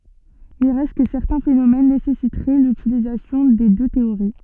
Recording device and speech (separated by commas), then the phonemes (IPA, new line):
soft in-ear microphone, read sentence
il ʁɛst kə sɛʁtɛ̃ fenomɛn nesɛsitʁɛ lytilizasjɔ̃ de dø teoʁi